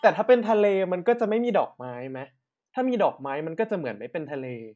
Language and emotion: Thai, neutral